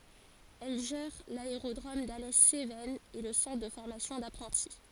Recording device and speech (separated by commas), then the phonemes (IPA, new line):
forehead accelerometer, read sentence
ɛl ʒɛʁ laeʁodʁom dalɛ sevɛnz e lə sɑ̃tʁ də fɔʁmasjɔ̃ dapʁɑ̃ti